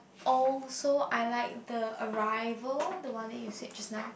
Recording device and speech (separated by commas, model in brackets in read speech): boundary microphone, conversation in the same room